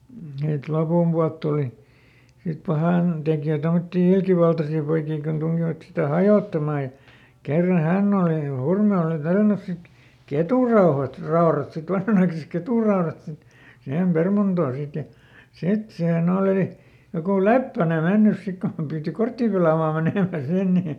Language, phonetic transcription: Finnish, hit ˈlopumpualt tùli , sit ˈpahàn- , -tekjö̀ ˈtomottii "ilkivaltasii poikii kun tuŋkivat sitä "hajòttamà ja , ˈkerra "hänn ‿òli , ˈHurme òli ˈtällänys sit , "ketùrauhat , -ˈraorat sit ˈvanhanaikasek ˈketùraorat sit , ˈsihem ˈpermantoo sit ja , "sit siiheˈn ‿olì , jokù "Leppäne ˈmennys ˈsik kom piiti "korttì pelàmaa ˈmenèmä ˈsin ni .
- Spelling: sitten lopunpuolta tuli sitten - pahantekijöitä tuommoisia ilkivaltaisia poikia kun tunkivat sitä hajottamaan ja kerran hän oli Hurme oli tällännyt sitten ketunraudat raudat sitten vanhanaikaiset ketunraudat sitten siihen permantoon sitten ja sitten siihen oli joku Leppänen mennyt sitten kun piti korttia pelaamaan menemän sinne niin

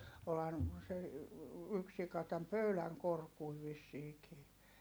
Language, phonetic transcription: Finnish, olhan , se , yks sika täm pöyläŋ korkui vissiikii .
- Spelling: olihan se yksi sika tämän pöydän korkuinen vissiinkin

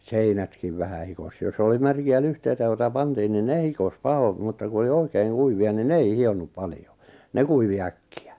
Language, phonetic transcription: Finnish, 'seinätkiv vähä 'hikos jos oli 'märki₍ä 'lyhteitä joita 'pantiin nin 'ne hikos "pahom , mutta ku oli "oikeiŋ "kuivi₍a nin "ne ei "hi₍onnup 'paljo , "ne kuivi 'äkki₍ä .
- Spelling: seinätkin vähän hikosi jos oli märkiä lyhteitä joita pantiin niin ne hikosi pahoin mutta kun oli oikein kuivia niin ne ei hionnut paljon ne kuivui äkkiä

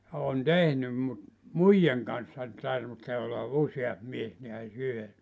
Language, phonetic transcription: Finnish, ja 'on "tehnym mut , "muijaŋ kanssa , (tarvihtee) olla 'useamp 'mies neäs ('yhessä) .
- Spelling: ja olen tehnyt mutta muijan kanssa tarvitsee olla useampi mies näet yhdessä

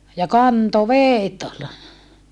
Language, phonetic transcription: Finnish, ja kanto veet (ol) .
- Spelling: ja kantoi vedet oli

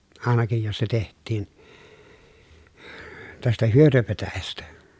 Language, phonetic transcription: Finnish, àenakij jos se teht̆tiin , tästä hyötöpetäjästä .
- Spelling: ainakin jos se tehtiin tästä hyötypetäjästä

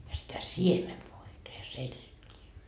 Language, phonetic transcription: Finnish, ja sitä "siemevoita ja "selt́ii .
- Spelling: ja sitä siemenvoita ja seltiä

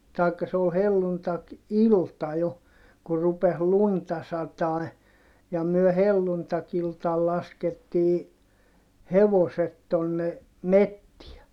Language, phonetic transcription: Finnish, taikka se ol helluntak₍ilta jo , kur rupes lunta satài̮ , ja myö helluntakiltal laskettii , hevoset tonne , mettiɛ .
- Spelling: tai se oli helluntai-ilta jo kun rupesi lunta satamaan ja me helluntai-iltana laskettiin hevoset tuonne metsään

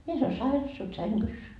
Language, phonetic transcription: Finnish, 'mies ‿ol "sairas se oĺ "säŋGys .
- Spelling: mies oli sairas se oli sängyssä

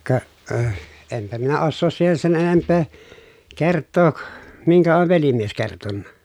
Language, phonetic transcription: Finnish, ka , ö- , empä minä ossoos siihen sen enemppee kerttook , miŋkä ov velimies kertonna .
- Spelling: ka - enpä minä osaa siihen sen enempää kertoa minkä on velimies kertonut

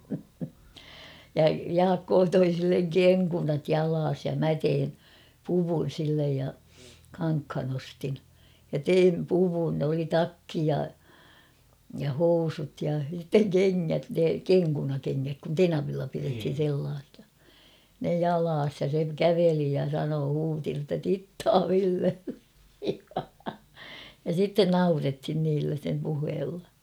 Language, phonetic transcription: Finnish, ja "Jaakkoo 'toi silleŋ "keŋkunat 'jalaas ja 'mä tein , "puvun̬ sillej ja , 'kaŋkhan ‿ostin , ja "teim 'puvun oli "takki ja , ja "housut ja sitteŋ "keŋŋät ne "keŋkunakeŋŋäk kun "tenavilla pirethin̬ sellaasɪᴀ , ne "jalaas ja se "käveli ja 'sanoo 'huuti notta » 'tittaa 'Villelle « ja sitten "naurethin niillä sem 'puheella .
- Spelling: ja Jaakko toi sille kenkunat jalassa ja minä tein puvun sille ja kankaan ostin ja tein puvun oli takki ja ja housut ja sitten kengät ne kenkunakengät kun tenavilla pidettiin sellaisia ne jalassa ja se käveli ja sanoi huusi jotta tittaa Villelle ja sitten naurettiin niillä sen puheella

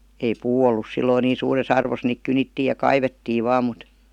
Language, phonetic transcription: Finnish, ei "puu ollus 'silloi niin̬ 'suure's ‿arvos niik 'kynittiij̆ ja "kaivettii 'vaa mut ,.
- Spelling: ei puu ollut silloin niin suuressa arvossa niitä kynittiin ja kaivettiin vain mutta

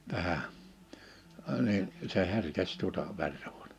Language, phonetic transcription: Finnish, 'tänä , ə ni , se 'herkes tuᵒta , 'vertᴀ ᴠᴜᴏtᴀ- .
- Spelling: tänä - niin se herkesi tuota verta -

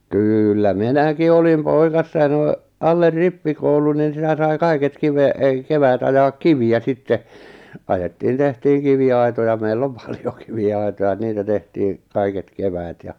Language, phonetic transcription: Finnish, 'kŷllä "minäki olim "poikassa ʿjaʾ noi , aller 'rippikoulun nin̬ sitä sai 'kaiket kive- , ek 'keväät ajaak "kivi₍ä 'sitte , 'ajettiin 'tehtiiŋ 'kivi₍ai̬toja meil'l ‿om 'pᴀʟᴊᴏ kivi₍ai̬toja 'niitä 'tehtiiŋ₍ 'kaiket 'keväät ja ,.
- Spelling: kyllä minäkin olin poikasena ja noin alle rippikoulun niin sitä sai kaiket - - keväät ajaa kiviä sitten ajettiin tehtiin kiviaitoja meillä on paljon kiviaitoja niitä tehtiin kaiket keväät ja

